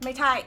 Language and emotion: Thai, frustrated